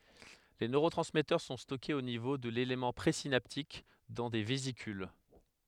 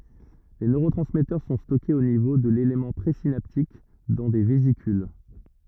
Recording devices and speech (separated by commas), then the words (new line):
headset microphone, rigid in-ear microphone, read sentence
Les neurotransmetteurs sont stockés au niveau de l'élément présynaptique dans des vésicules.